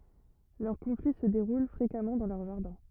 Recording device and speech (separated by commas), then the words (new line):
rigid in-ear microphone, read sentence
Leurs conflits se déroulent fréquemment dans leurs jardins.